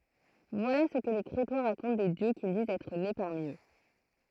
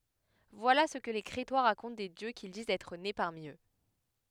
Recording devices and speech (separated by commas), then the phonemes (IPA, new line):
throat microphone, headset microphone, read sentence
vwala sə kə le kʁetwa ʁakɔ̃t de djø kil dizt ɛtʁ ne paʁmi ø